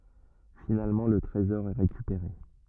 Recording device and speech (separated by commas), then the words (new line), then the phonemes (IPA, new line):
rigid in-ear microphone, read sentence
Finalement le trésor est récupéré.
finalmɑ̃ lə tʁezɔʁ ɛ ʁekypeʁe